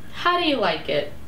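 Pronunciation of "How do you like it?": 'How do you like it?' is said with a rising intonation.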